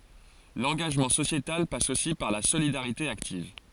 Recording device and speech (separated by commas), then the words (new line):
forehead accelerometer, read sentence
L'engagement sociétal passe aussi par la solidarité active.